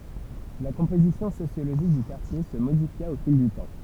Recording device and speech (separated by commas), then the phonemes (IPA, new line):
temple vibration pickup, read sentence
la kɔ̃pozisjɔ̃ sosjoloʒik dy kaʁtje sə modifja o fil dy tɑ̃